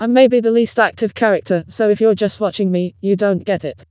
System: TTS, vocoder